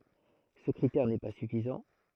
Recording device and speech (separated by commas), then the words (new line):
throat microphone, read sentence
Ce critère n'est pas suffisant.